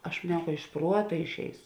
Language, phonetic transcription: Lithuanian, aš maˈniau ka iš ˈpruota išˈeisu

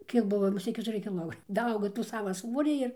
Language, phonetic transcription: Lithuanian, ˈkiek ˈbuvo muˈsėt ketuˈri kiˈlo daˈaugo ˈtų ˈsava ˈsvorį ir

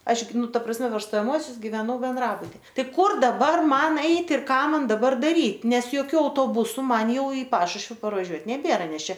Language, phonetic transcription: Lithuanian, ˈaš ˈgi ˈnu ˈta prasˈme per stojaˈmuosius giveˈnau benˈdrabuti ˈtai ˈkur daˈbar ˈman ˈeit' ir ˈką ˈman daˈbar daˈryt ˈnes joˈkių autoˈbusu ˈman ˈjau i ˈpašušvi parvaˈžiuot neˈbėra ˈnes ˈčia

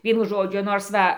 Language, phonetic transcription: Lithuanian, ˈvienu ˈžodžiu ˈnors ˈva

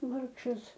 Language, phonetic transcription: Lithuanian, ˈvargšas

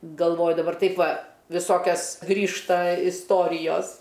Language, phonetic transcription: Lithuanian, galˈvoju daˈbar ˈtaip ˈva viˈsokias ˈgrįžta isˈtorijos

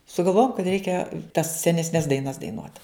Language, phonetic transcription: Lithuanian, sugalˈvojom kad ˈreikia tas senesˈnes daiˈnas daiˈnuot

